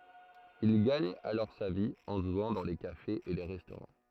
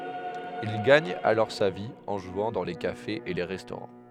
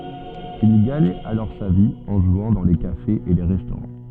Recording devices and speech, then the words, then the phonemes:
throat microphone, headset microphone, soft in-ear microphone, read sentence
Il gagne alors sa vie en jouant dans les cafés et les restaurants.
il ɡaɲ alɔʁ sa vi ɑ̃ ʒwɑ̃ dɑ̃ le kafez e le ʁɛstoʁɑ̃

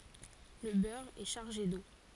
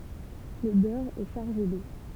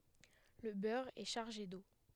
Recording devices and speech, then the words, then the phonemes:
forehead accelerometer, temple vibration pickup, headset microphone, read sentence
Le beurre est chargé d’eau.
lə bœʁ ɛ ʃaʁʒe do

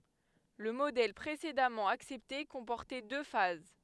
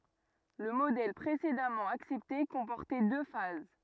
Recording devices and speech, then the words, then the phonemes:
headset microphone, rigid in-ear microphone, read sentence
Le modèle précédemment accepté comportait deux phases.
lə modɛl pʁesedamɑ̃ aksɛpte kɔ̃pɔʁtɛ dø faz

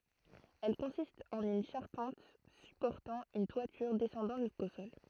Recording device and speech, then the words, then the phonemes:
throat microphone, read sentence
Elles consistent en une charpente supportant une toiture descendant jusqu'au sol.
ɛl kɔ̃sistt ɑ̃n yn ʃaʁpɑ̃t sypɔʁtɑ̃ yn twatyʁ dɛsɑ̃dɑ̃ ʒysko sɔl

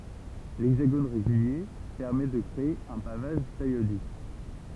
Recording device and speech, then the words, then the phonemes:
temple vibration pickup, read sentence
L'hexagone régulier permet de créer un pavage périodique.
lɛɡzaɡon ʁeɡylje pɛʁmɛ də kʁee œ̃ pavaʒ peʁjodik

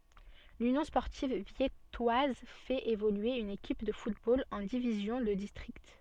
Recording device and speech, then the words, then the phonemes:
soft in-ear microphone, read sentence
L'Union sportive viettoise fait évoluer une équipe de football en division de district.
lynjɔ̃ spɔʁtiv vjɛtwaz fɛt evolye yn ekip də futbol ɑ̃ divizjɔ̃ də distʁikt

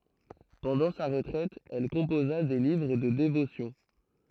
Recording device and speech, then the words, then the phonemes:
throat microphone, read sentence
Pendant sa retraite, elle composa des livres de dévotions.
pɑ̃dɑ̃ sa ʁətʁɛt ɛl kɔ̃poza de livʁ də devosjɔ̃

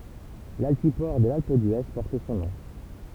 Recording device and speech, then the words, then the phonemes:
temple vibration pickup, read sentence
L'altiport de l'Alpe d'Huez porte son nom.
laltipɔʁ də lalp dye pɔʁt sɔ̃ nɔ̃

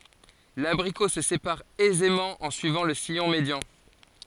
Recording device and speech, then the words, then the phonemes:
forehead accelerometer, read sentence
L'abricot se sépare aisément en suivant le sillon médian.
labʁiko sə sepaʁ ɛzemɑ̃ ɑ̃ syivɑ̃ lə sijɔ̃ medjɑ̃

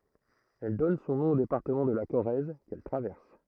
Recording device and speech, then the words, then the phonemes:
throat microphone, read sentence
Elle donne son nom au département de la Corrèze qu'elle traverse.
ɛl dɔn sɔ̃ nɔ̃ o depaʁtəmɑ̃ də la koʁɛz kɛl tʁavɛʁs

